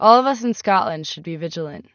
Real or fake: real